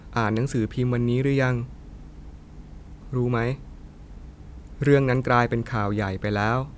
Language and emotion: Thai, neutral